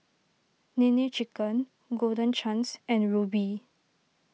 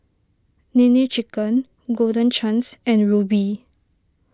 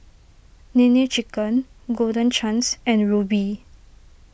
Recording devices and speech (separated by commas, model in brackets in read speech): mobile phone (iPhone 6), standing microphone (AKG C214), boundary microphone (BM630), read sentence